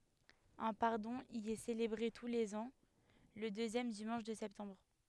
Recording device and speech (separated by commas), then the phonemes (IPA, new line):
headset microphone, read sentence
œ̃ paʁdɔ̃ i ɛ selebʁe tu lez ɑ̃ lə døzjɛm dimɑ̃ʃ də sɛptɑ̃bʁ